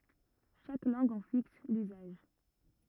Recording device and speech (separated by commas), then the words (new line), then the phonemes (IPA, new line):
rigid in-ear microphone, read sentence
Chaque langue en fixe l’usage.
ʃak lɑ̃ɡ ɑ̃ fiks lyzaʒ